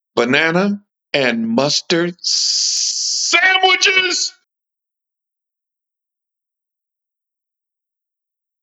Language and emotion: English, angry